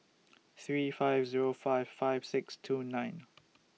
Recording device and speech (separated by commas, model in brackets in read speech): mobile phone (iPhone 6), read sentence